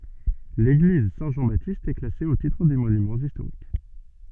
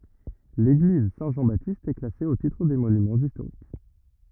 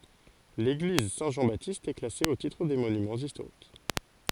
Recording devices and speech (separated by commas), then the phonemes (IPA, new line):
soft in-ear microphone, rigid in-ear microphone, forehead accelerometer, read sentence
leɡliz sɛ̃ ʒɑ̃ batist ɛ klase o titʁ de monymɑ̃z istoʁik